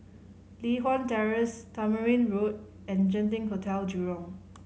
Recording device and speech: mobile phone (Samsung C5010), read sentence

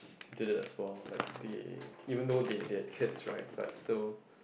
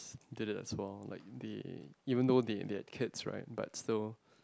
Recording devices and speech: boundary microphone, close-talking microphone, conversation in the same room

